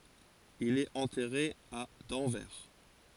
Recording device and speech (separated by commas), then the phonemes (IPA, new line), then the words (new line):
forehead accelerometer, read sentence
il ɛt ɑ̃tɛʁe a dɑ̃vɛʁ
Il est enterré à d'Anvers.